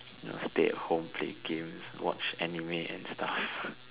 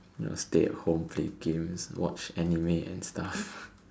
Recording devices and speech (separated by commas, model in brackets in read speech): telephone, standing microphone, conversation in separate rooms